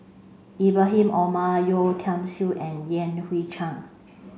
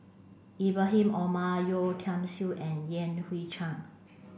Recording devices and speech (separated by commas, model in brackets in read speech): mobile phone (Samsung C5), boundary microphone (BM630), read sentence